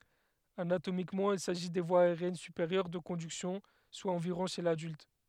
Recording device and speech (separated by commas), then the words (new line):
headset microphone, read sentence
Anatomiquement, il s'agit des voies aériennes supérieures de conduction, soit environ chez l'adulte.